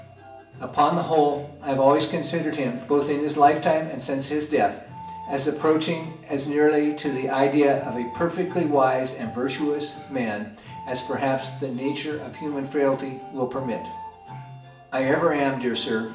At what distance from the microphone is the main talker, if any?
1.8 m.